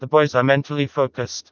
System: TTS, vocoder